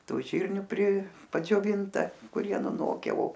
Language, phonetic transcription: Lithuanian, ˈtų ˈžyrniu pri padžioˈvinta kuˈrie nuˈnoke o

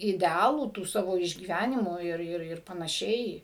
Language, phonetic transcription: Lithuanian, ideˈalų tų ˈsavo išgyˈvænimų ˈir ˈir ir panaˈšiai

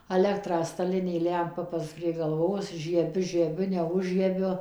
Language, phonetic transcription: Lithuanian, aˈlekrą staˈlinė ˈlempa pas prie galˈvos žieˈbiu žieˈbiu neˈužžiebiu

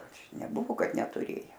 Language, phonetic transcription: Lithuanian, ˈaš neˈbuvo ˈkad netuˈrėja

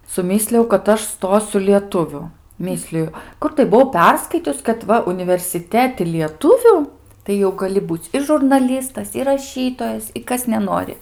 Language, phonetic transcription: Lithuanian, suˈmyslijau kad ˈaš ˈstosiu lieˈtuviu ˈmysliju ˈkur tai buˈvau ˈperskaitius kad ˈva universiˈteti lieˈtuviu tai jau gaˈli ˈbūc' i žurnaˈlystas ir raˈšytojas i ˈkas neˈnori

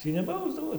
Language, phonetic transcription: Lithuanian, ˈtį neˈbausdavo

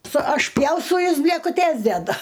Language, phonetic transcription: Lithuanian, su ašˈpjaustau ˈjas blėkuˈtės deˈdu

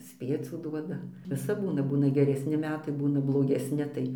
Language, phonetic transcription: Lithuanian, ˈspiecių ˈduoda viˈsap ˈbūna ˈbūna geresni ˈmetai ˈbūna blogesˈni tai

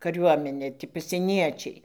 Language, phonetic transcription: Lithuanian, kaˈriuomenė ti pasieˈniečiai

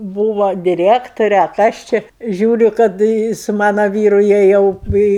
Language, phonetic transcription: Lithuanian, ˈbūvo diˈrektore a ˈkas či ˈžiūriu kad i su ˈmano ˈvyru jie ˈjau i i

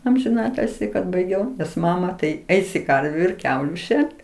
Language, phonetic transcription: Lithuanian, amžiˈnatilsi kad baiˈgiau nes ˈmama tai ˈeisi ˈkarviu ir ˈkiauliu ˈšert

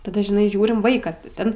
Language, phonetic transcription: Lithuanian, taˈda žiˈnai ˈžiūrim ˈvaikas ti ˈten

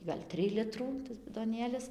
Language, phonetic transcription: Lithuanian, gal' ˈtrij ˈlitrų tas bidoˈnėlis

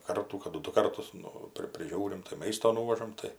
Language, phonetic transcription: Lithuanian, ˈkartų kaˈdu ˈdu ˈkartus ˈnu ˈpri priˈžiūrim tai ˈmaisto ˈnūvažam ˈtai

